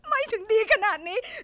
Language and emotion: Thai, sad